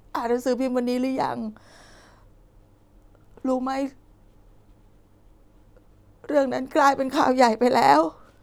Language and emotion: Thai, sad